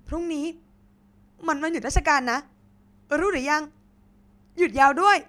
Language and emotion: Thai, happy